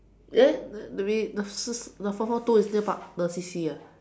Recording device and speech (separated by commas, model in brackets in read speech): standing microphone, conversation in separate rooms